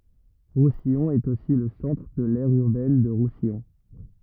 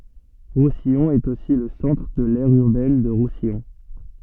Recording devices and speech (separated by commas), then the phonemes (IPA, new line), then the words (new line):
rigid in-ear microphone, soft in-ear microphone, read sentence
ʁusijɔ̃ ɛt osi lə sɑ̃tʁ də lɛʁ yʁbɛn də ʁusijɔ̃
Roussillon est aussi le centre de l'aire urbaine de Roussillon.